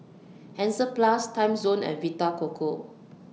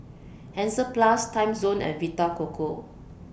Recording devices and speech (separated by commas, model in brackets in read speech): mobile phone (iPhone 6), boundary microphone (BM630), read sentence